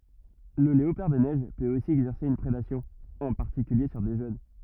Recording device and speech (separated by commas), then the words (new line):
rigid in-ear microphone, read sentence
Le léopard des neiges peut aussi exercer une prédation, en particulier sur des jeunes.